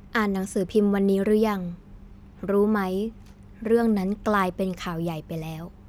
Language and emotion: Thai, neutral